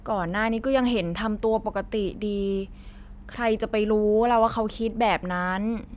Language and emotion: Thai, frustrated